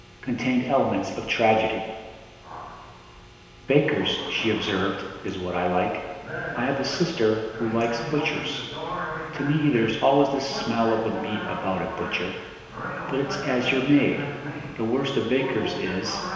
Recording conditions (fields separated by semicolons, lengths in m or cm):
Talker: one person; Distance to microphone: 1.7 m; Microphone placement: close; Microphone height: 1.0 m; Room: very reverberant, large; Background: television